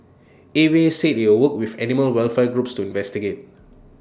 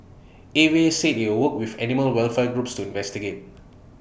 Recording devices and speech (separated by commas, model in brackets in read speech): standing microphone (AKG C214), boundary microphone (BM630), read sentence